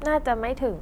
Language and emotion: Thai, neutral